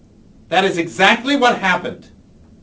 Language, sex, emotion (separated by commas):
English, male, angry